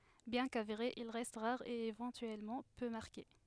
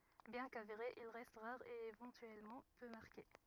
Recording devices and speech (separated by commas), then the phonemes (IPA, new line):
headset microphone, rigid in-ear microphone, read sentence
bjɛ̃ kaveʁe il ʁɛst ʁaʁ e evɑ̃tyɛlmɑ̃ pø maʁke